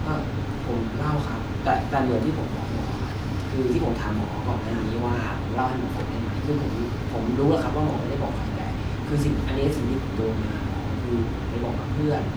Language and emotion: Thai, frustrated